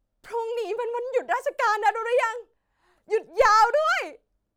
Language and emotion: Thai, happy